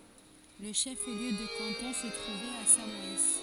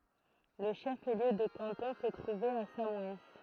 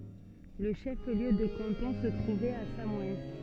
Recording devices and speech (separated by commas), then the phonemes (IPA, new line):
forehead accelerometer, throat microphone, soft in-ear microphone, read sentence
lə ʃəfliø də kɑ̃tɔ̃ sə tʁuvɛt a samɔɛn